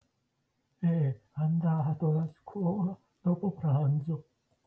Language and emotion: Italian, fearful